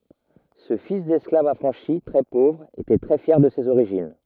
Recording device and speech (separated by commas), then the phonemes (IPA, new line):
rigid in-ear microphone, read sentence
sə fis dɛsklav afʁɑ̃ʃi tʁɛ povʁ etɛ tʁɛ fjɛʁ də sez oʁiʒin